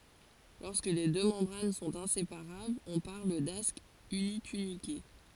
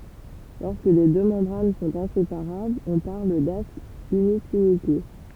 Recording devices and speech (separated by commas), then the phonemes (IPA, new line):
forehead accelerometer, temple vibration pickup, read sentence
lɔʁskə le dø mɑ̃bʁan sɔ̃t ɛ̃sepaʁablz ɔ̃ paʁl dask ynitynike